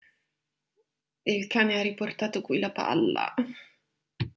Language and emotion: Italian, disgusted